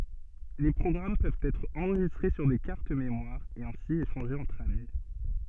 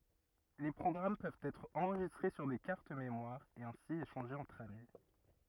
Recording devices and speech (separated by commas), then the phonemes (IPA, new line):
soft in-ear microphone, rigid in-ear microphone, read sentence
le pʁɔɡʁam pøvt ɛtʁ ɑ̃ʁʒistʁe syʁ de kaʁt memwaʁz e ɛ̃si eʃɑ̃ʒez ɑ̃tʁ ami